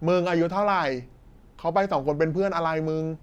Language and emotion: Thai, angry